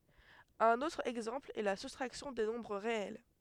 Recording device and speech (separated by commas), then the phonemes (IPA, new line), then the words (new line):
headset microphone, read sentence
œ̃n otʁ ɛɡzɑ̃pl ɛ la sustʁaksjɔ̃ de nɔ̃bʁ ʁeɛl
Un autre exemple est la soustraction des nombres réels.